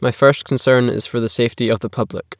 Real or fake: real